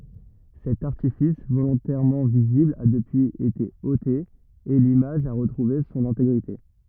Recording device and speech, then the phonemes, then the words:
rigid in-ear microphone, read sentence
sɛt aʁtifis volɔ̃tɛʁmɑ̃ vizibl a dəpyiz ete ote e limaʒ a ʁətʁuve sɔ̃n ɛ̃teɡʁite
Cet artifice, volontairement visible, a depuis été ôté et l'image a retrouvé son intégrité.

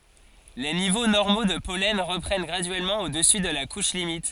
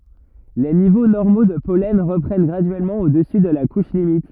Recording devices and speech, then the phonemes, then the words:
forehead accelerometer, rigid in-ear microphone, read sentence
le nivo nɔʁmo də pɔlɛn ʁəpʁɛn ɡʁadyɛlmɑ̃ odəsy də la kuʃ limit
Les niveaux normaux de pollen reprennent graduellement au-dessus de la couche limite.

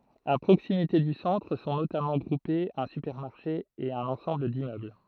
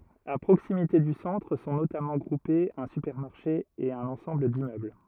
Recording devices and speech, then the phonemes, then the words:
throat microphone, rigid in-ear microphone, read sentence
a pʁoksimite dy sɑ̃tʁ sɔ̃ notamɑ̃ ɡʁupez œ̃ sypɛʁmaʁʃe e œ̃n ɑ̃sɑ̃bl dimmøbl
A proximité du centre sont notamment groupés un supermarché et un ensemble d’immeubles.

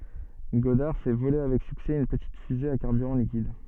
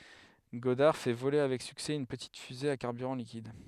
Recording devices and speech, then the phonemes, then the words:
soft in-ear microphone, headset microphone, read sentence
ɡɔdaʁ fɛ vole avɛk syksɛ yn pətit fyze a kaʁbyʁɑ̃ likid
Goddard fait voler avec succès une petite fusée à carburant liquide.

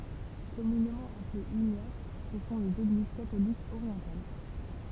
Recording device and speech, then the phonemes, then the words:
temple vibration pickup, read sentence
kɔmynemɑ̃ aplez ynjat sə sɔ̃ lez eɡliz katolikz oʁjɑ̃tal
Communément appelées uniates, ce sont les Églises catholiques orientales.

